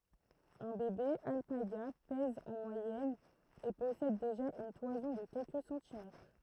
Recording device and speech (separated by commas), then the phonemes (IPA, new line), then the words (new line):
throat microphone, read sentence
œ̃ bebe alpaɡa pɛz ɑ̃ mwajɛn e pɔsɛd deʒa yn twazɔ̃ də kɛlkə sɑ̃timɛtʁ
Un bébé alpaga pèse en moyenne et possède déjà une toison de quelques centimètres.